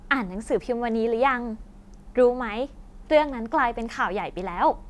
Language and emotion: Thai, happy